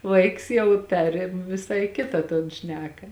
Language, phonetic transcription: Lithuanian, ˈvaiks ˈjau ˈperėm viˈsai ˈkita ton ˈšneka

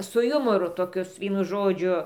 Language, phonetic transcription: Lithuanian, su ˈjumoru toˈkius ˈvienu ˈžodžiu

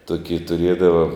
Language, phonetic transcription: Lithuanian, ˈtuoki tuˈriedava

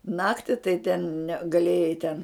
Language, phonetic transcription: Lithuanian, ˈnakti tai ten ne gaˈlėjai ten

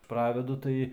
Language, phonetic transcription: Lithuanian, ˈpravedu ˈtai

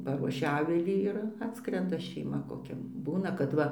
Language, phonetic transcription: Lithuanian, ˈparuošia ˈavilį ˈir ˈatskrenda šeiˈma koˈkia ˈbūna kad ˈva

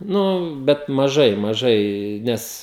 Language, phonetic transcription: Lithuanian, ˈnu bet maˈžai maˈžai ˈnes

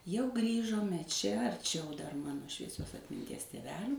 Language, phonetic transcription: Lithuanian, jau ˈgrįžome čia arˈčiau dar ˈmano švieˈsios atminˈties tėˈvelių

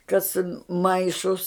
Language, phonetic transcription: Lithuanian, ˈkas ˈmaišus

